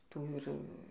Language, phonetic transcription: Lithuanian, ˈtų ir

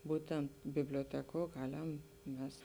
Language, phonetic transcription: Lithuanian, ˈbūtent biblioˈtekuo ˈgalem ˈmes

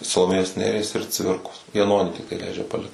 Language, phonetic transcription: Lithuanian, saloˈmėjos ˈneries ir ˈcvirkos jaˈnonį ˈtiktai ˈleidžia paˈlikt

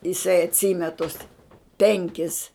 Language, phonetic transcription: Lithuanian, jiˈsai atˈsyme tus ˈpenkis

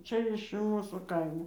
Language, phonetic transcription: Lithuanian, ˈčia iš ˈmūsų ˈkaimo

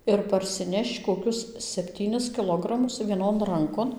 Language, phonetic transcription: Lithuanian, ir parsiˈnešč koˈkius sepˈtynis kiˈlogramus vieˈnon ˈrankon

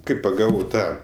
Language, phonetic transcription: Lithuanian, ˈkai paˈgavau ˈtą

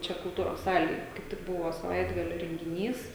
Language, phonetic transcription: Lithuanian, ˈčia kulˈtūros ˈsalėj kaip ˈtik ˈbuvo saˈvaitgalio rengiˈnys

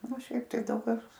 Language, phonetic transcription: Lithuanian, o ˈšiaip tai ˈdaug kas

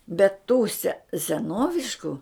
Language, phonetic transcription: Lithuanian, bet tų se seˈnovišku

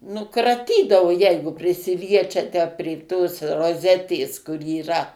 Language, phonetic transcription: Lithuanian, ˈnu kraˈtydavo ˈjeigu prisiˈliečia tę prė tos roˈzetės kur yˈra

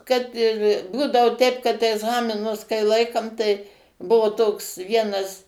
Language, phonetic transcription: Lithuanian, ˈkad ir ˈbūdao ˈteip kad egˈzaminus kai ˈlaikam tai ˈbuvo toks ˈvienas

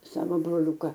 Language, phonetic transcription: Lithuanian, ˈsavo broˈliūka

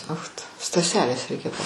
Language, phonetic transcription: Lithuanian, ˈoch tu staˈselės ˈreikia pa

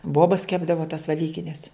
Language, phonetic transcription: Lithuanian, ˈbobas ˈkepdava tas veˈlykines

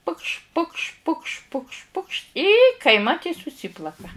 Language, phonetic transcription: Lithuanian, pukš' pukš' pukš' pukš' pukš' y kaiˈmat y suˈsyplaka

